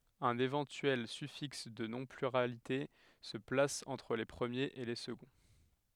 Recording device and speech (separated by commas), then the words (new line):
headset microphone, read sentence
Un éventuel suffixe de non pluralité se place entre les premiers et les seconds.